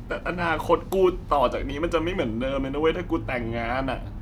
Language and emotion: Thai, sad